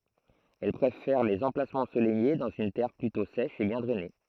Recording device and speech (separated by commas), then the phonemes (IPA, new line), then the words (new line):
throat microphone, read sentence
ɛl pʁefɛʁ lez ɑ̃plasmɑ̃z ɑ̃solɛje dɑ̃z yn tɛʁ plytɔ̃ sɛʃ e bjɛ̃ dʁɛne
Elle préfère les emplacements ensoleillés dans une terre plutôt sèche et bien drainée.